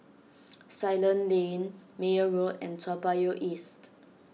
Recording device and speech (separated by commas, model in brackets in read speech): mobile phone (iPhone 6), read sentence